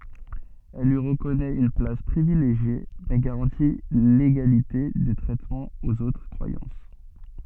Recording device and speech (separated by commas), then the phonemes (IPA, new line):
soft in-ear microphone, read sentence
ɛl lyi ʁəkɔnɛt yn plas pʁivileʒje mɛ ɡaʁɑ̃ti leɡalite də tʁɛtmɑ̃ oz otʁ kʁwajɑ̃s